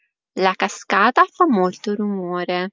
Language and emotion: Italian, neutral